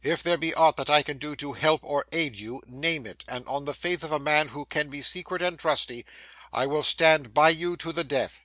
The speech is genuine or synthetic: genuine